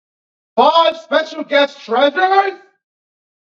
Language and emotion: English, disgusted